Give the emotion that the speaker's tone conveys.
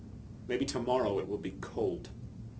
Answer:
neutral